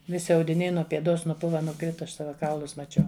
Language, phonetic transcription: Lithuanian, ˈvisi audiˈniai nuo pieˈdos nuˈpuva nuˈkrita ˈaš ˈsava ˈkaulus maˈčiau

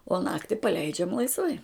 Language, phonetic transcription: Lithuanian, o ˈnakti paˈleidžiam laisˈvai

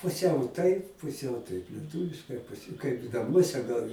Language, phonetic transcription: Lithuanian, puˈsiau taip puˈsiau taip lieˈtūviškai kaip naˈmuose gal

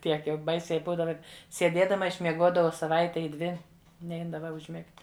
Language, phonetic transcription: Lithuanian, ˈtiek jau ˈbaisiai ˈbūdava sieˈdiedama išmieˈguodavau saˈvaite i ˈdvi ˈneidava užˈmigt'

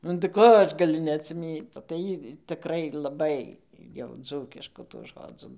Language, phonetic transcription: Lithuanian, nu tai ˈko ˈaš gaˈliu neatsiˈmįc tai ˈjy tɨˈkrai laˈbai jau ˈdzūkiškų tų ˈžodzų

